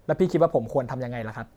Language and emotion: Thai, frustrated